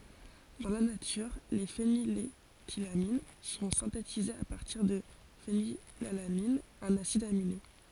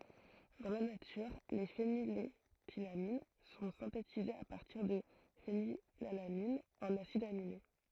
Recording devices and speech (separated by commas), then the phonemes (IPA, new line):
forehead accelerometer, throat microphone, read sentence
dɑ̃ la natyʁ le feniletilamin sɔ̃ sɛ̃tetizez a paʁtiʁ də fenilalanin œ̃n asid amine